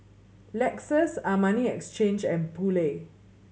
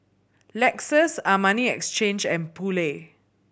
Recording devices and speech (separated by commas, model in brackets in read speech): mobile phone (Samsung C7100), boundary microphone (BM630), read sentence